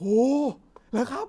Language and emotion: Thai, happy